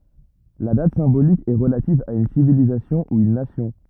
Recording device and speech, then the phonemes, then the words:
rigid in-ear microphone, read sentence
la dat sɛ̃bolik ɛ ʁəlativ a yn sivilizasjɔ̃ u yn nasjɔ̃
La date symbolique est relative à une civilisation ou une nation.

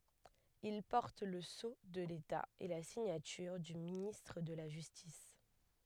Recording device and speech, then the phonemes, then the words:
headset microphone, read sentence
il pɔʁt lə so də leta e la siɲatyʁ dy ministʁ də la ʒystis
Il porte le sceau de l'État et la signature du ministre de la Justice.

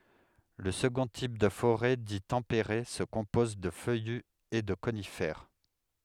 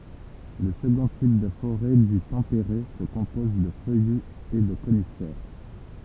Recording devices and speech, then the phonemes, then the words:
headset microphone, temple vibration pickup, read sentence
lə səɡɔ̃ tip də foʁɛ di tɑ̃peʁe sə kɔ̃pɔz də fœjy e də konifɛʁ
Le second type de forêt dit tempéré se compose de feuillus et de conifères.

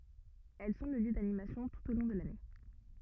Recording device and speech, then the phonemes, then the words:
rigid in-ear microphone, read sentence
ɛl sɔ̃ lə ljø danimasjɔ̃ tut o lɔ̃ də lane
Elles sont le lieu d'animations tout au long de l'année.

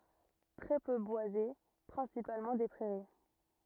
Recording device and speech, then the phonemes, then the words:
rigid in-ear microphone, read sentence
tʁɛ pø bwaze pʁɛ̃sipalmɑ̃ de pʁɛʁi
Très peu boisé, principalement des prairies.

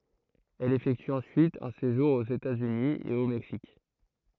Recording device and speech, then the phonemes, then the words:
throat microphone, read sentence
ɛl efɛkty ɑ̃syit œ̃ seʒuʁ oz etatsyni e o mɛksik
Elle effectue ensuite un séjour aux États-Unis et au Mexique.

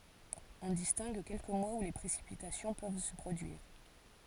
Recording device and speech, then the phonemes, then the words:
forehead accelerometer, read sentence
ɔ̃ distɛ̃ɡ kɛlkə mwaz u le pʁesipitasjɔ̃ pøv sə pʁodyiʁ
On distingue quelques mois où les précipitations peuvent se produire.

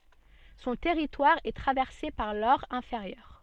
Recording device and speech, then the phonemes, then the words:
soft in-ear microphone, read sentence
sɔ̃ tɛʁitwaʁ ɛ tʁavɛʁse paʁ lɔʁ ɛ̃feʁjœʁ
Son territoire est traversé par l'Aure inférieure.

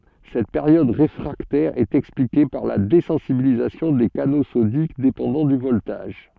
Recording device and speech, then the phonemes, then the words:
soft in-ear microphone, read sentence
sɛt peʁjɔd ʁefʁaktɛʁ ɛt ɛksplike paʁ la dezɑ̃sibilizasjɔ̃ de kano sodik depɑ̃dɑ̃ dy vɔltaʒ
Cette période réfractaire est expliquée par la désensibilisation des canaux sodiques dépendant du voltage.

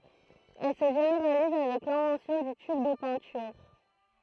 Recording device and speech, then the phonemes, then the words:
throat microphone, read sentence
ɛl sə ʒeneʁaliz avɛk lɛ̃vɑ̃sjɔ̃ dy tyb də pɛ̃tyʁ
Elle se généralise avec l'invention du tube de peinture.

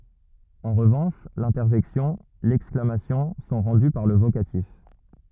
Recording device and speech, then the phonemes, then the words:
rigid in-ear microphone, read sentence
ɑ̃ ʁəvɑ̃ʃ lɛ̃tɛʁʒɛksjɔ̃ lɛksklamasjɔ̃ sɔ̃ ʁɑ̃dy paʁ lə vokatif
En revanche, l'interjection, l'exclamation sont rendues par le vocatif.

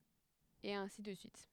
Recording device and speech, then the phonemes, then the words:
headset microphone, read sentence
e ɛ̃si də syit
Et ainsi de suite.

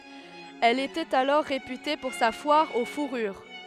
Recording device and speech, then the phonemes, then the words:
headset microphone, read sentence
ɛl etɛt alɔʁ ʁepyte puʁ sa fwaʁ o fuʁyʁ
Elle était alors réputée pour sa foire aux fourrures.

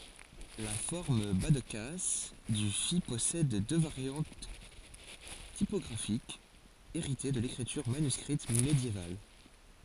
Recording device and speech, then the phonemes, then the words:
forehead accelerometer, read sentence
la fɔʁm bazdkas dy fi pɔsɛd dø vaʁjɑ̃t tipɔɡʁafikz eʁite də lekʁityʁ manyskʁit medjeval
La forme bas-de-casse du phi possède deux variantes typographiques, héritées de l'écriture manuscrite médiévale.

